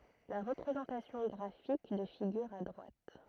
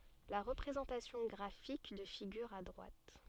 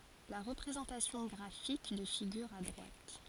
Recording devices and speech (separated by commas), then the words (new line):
throat microphone, soft in-ear microphone, forehead accelerometer, read sentence
La représentation graphique de figure à droite.